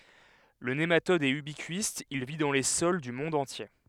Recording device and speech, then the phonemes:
headset microphone, read sentence
lə nematɔd ɛt ybikist il vi dɑ̃ le sɔl dy mɔ̃d ɑ̃tje

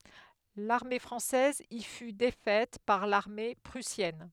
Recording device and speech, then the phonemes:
headset microphone, read sentence
laʁme fʁɑ̃sɛz i fy defɛt paʁ laʁme pʁysjɛn

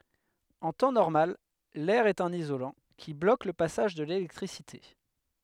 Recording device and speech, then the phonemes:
headset microphone, read sentence
ɑ̃ tɑ̃ nɔʁmal lɛʁ ɛt œ̃n izolɑ̃ ki blok lə pasaʒ də lelɛktʁisite

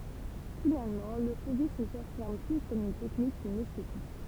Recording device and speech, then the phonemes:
temple vibration pickup, read sentence
finalmɑ̃ lə fovism safiʁm ply kɔm yn tɛknik kyn ɛstetik

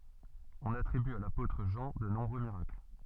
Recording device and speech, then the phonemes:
soft in-ear microphone, read sentence
ɔ̃n atʁiby a lapotʁ ʒɑ̃ də nɔ̃bʁø miʁakl

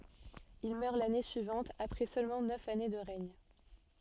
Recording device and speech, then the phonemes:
soft in-ear microphone, read sentence
il mœʁ lane syivɑ̃t apʁɛ sølmɑ̃ nœf ane də ʁɛɲ

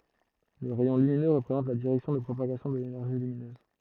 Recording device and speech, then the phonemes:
throat microphone, read sentence
lə ʁɛjɔ̃ lyminø ʁəpʁezɑ̃t la diʁɛksjɔ̃ də pʁopaɡasjɔ̃ də lenɛʁʒi lyminøz

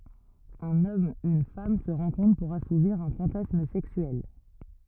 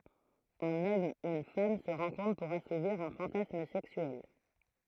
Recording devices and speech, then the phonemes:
rigid in-ear microphone, throat microphone, read sentence
œ̃n ɔm yn fam sə ʁɑ̃kɔ̃tʁ puʁ asuviʁ œ̃ fɑ̃tasm sɛksyɛl

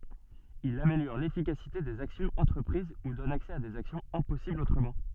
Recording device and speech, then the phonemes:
soft in-ear microphone, read sentence
il ameljɔʁ lefikasite dez aksjɔ̃z ɑ̃tʁəpʁiz u dɔn aksɛ a dez aksjɔ̃z ɛ̃pɔsiblz otʁəmɑ̃

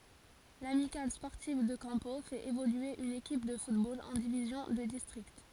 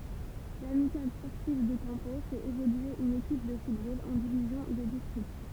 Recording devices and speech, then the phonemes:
forehead accelerometer, temple vibration pickup, read sentence
lamikal spɔʁtiv də kɑ̃po fɛt evolye yn ekip də futbol ɑ̃ divizjɔ̃ də distʁikt

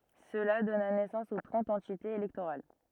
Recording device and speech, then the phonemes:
rigid in-ear microphone, read sentence
səla dɔna nɛsɑ̃s o tʁɑ̃t ɑ̃titez elɛktoʁal

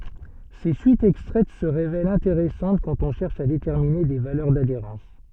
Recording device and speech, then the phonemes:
soft in-ear microphone, read sentence
se syitz ɛkstʁɛt sə ʁevɛlt ɛ̃teʁɛsɑ̃t kɑ̃t ɔ̃ ʃɛʁʃ a detɛʁmine de valœʁ dadeʁɑ̃s

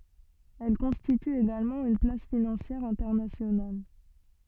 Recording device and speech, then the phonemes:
soft in-ear microphone, read sentence
ɛl kɔ̃stity eɡalmɑ̃ yn plas finɑ̃sjɛʁ ɛ̃tɛʁnasjonal

